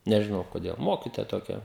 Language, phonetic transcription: Lithuanian, nežiˈnau koˈdėl ˈmokitoja toˈkia

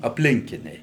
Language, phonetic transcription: Lithuanian, apˈlinkiniai

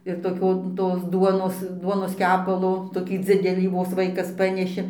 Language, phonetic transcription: Lithuanian, ir toˈkio tos ˈduonos ˈduonos ˈkepalo toˈkį ˈdzidelį vos ˈvaikas ˈpaneši

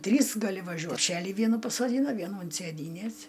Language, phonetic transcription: Lithuanian, ˈtrys gaˈli vaˈžiuot pˈšeli ˈvienų pasoˈdyna ˈvienų unt sėˈdynes

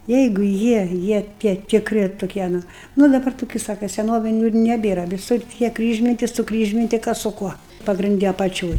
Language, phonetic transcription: Lithuanian, ˈjeigu ˈjie ˈjie ˈtie tikˈri toˈkie ˈnu ˈnu daˈbar toˈkiu ˈsaka seˈnoviniu ir neˈbėra viˈsur tie ˈkryžminti suˈkryžminti ˈkas su ˈkuo pagrinˈdi apaˈčioj

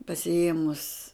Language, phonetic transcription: Lithuanian, pasiˈėmus

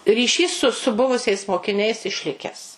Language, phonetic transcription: Lithuanian, ryˈšys su su ˈbuvusiais mokiˈniais išˈlikes

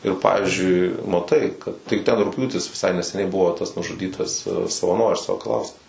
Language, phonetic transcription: Lithuanian, ir ˈpavizdžiui maˈtai kad tai ˈten rugˈpjūtis viˈsai neseˈniai ˈbuvo tas nužuˈdytas savaˈnoris sakaˈlauskas

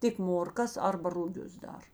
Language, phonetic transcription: Lithuanian, ˈtik morˈkas ˈarba ruˈgius ˈdar

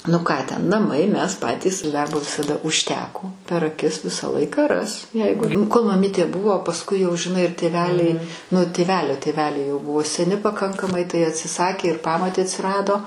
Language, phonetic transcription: Lithuanian, nu ˈką ten naˈmai ˈmes ˈpatys ˈdarbo visaˈda užˈteko per aˈkis ˈvisą ˈlaiką ˈras ˈjeigu kol maˈmytė ˈbuvo pasˈkui jau žiˈnai ir tėˈveliai nu tėˈvelio tėˈveliai jau ˈbuvo seˈni paˈkankamai tai atsiˈsakė ir ˈpamotė atsiˈrado

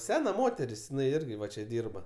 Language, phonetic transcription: Lithuanian, ˈsena ˈmoteris jiˈnai ˈirgi ˈva čia ˈdyrba

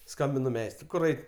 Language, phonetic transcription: Lithuanian, ˈskambinu ˈmeistrui ˈkur ˈait'

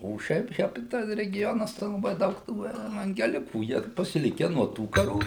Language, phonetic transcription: Lithuanian, o ˈšiaip ˈšiapi ˈtas regiˈjonas tai laˈbai ˈdaug ˈtų evangeˈlikų ˈjie pasiˈlike nuo ˈtų kaˈrų

